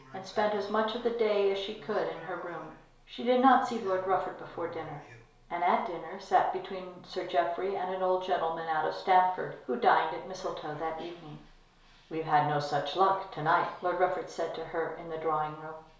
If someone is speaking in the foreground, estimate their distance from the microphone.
1.0 m.